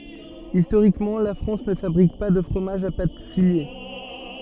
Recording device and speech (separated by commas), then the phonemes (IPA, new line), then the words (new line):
soft in-ear microphone, read sentence
istoʁikmɑ̃ la fʁɑ̃s nə fabʁik pa də fʁomaʒz a pat file
Historiquement, la France ne fabrique pas de fromages à pâte filée.